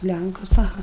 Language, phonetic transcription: Lithuanian, ˈlænkus aˈha

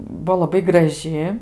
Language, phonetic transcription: Lithuanian, ˈbuo laˈbai graˈži

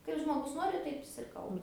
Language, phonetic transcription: Lithuanian, ˈkaip žmoˈgus ˈnori ˈtaip is ir ˈkalba

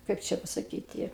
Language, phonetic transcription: Lithuanian, ˈkaip čia pasaˈkyti

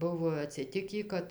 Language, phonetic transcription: Lithuanian, ˈbuvo atsiˈtikį ˈkad

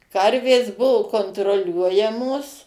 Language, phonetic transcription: Lithuanian, ˈkarvės ˈbuvu kontroˈliuojamos

